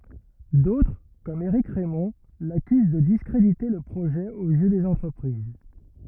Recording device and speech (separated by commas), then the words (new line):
rigid in-ear microphone, read sentence
D’autres comme Eric Raymond l’accusent de discréditer le projet aux yeux des entreprises.